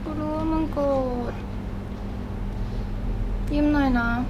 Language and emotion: Thai, sad